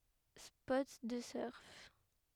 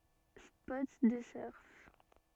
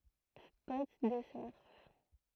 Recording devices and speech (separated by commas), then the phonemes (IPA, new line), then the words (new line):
headset microphone, soft in-ear microphone, throat microphone, read sentence
spɔt də sœʁ
Spot de surf.